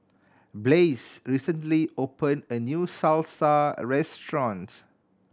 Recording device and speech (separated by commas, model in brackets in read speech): standing microphone (AKG C214), read sentence